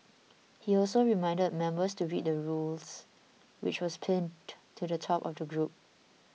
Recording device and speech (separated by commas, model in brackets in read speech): mobile phone (iPhone 6), read sentence